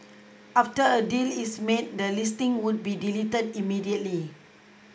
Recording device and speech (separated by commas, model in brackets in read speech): close-talking microphone (WH20), read sentence